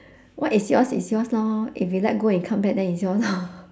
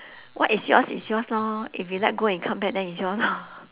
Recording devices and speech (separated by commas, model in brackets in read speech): standing microphone, telephone, conversation in separate rooms